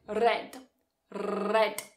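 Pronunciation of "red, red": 'Red' is said here the way many learners of English say it, without the English R sound.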